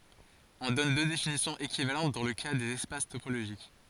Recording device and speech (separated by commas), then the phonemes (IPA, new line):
forehead accelerometer, read sentence
ɔ̃ dɔn dø definisjɔ̃z ekivalɑ̃t dɑ̃ lə ka dez ɛspas topoloʒik